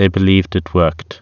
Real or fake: real